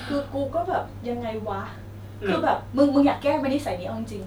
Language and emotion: Thai, frustrated